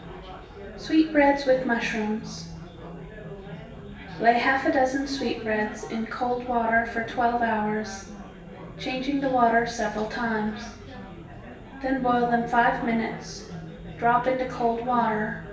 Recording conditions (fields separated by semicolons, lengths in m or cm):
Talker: one person; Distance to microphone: 1.8 m; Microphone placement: close; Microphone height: 1.0 m; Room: large; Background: babble